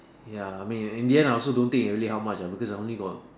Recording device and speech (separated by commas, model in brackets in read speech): standing microphone, conversation in separate rooms